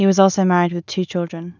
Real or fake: real